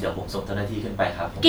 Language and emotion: Thai, neutral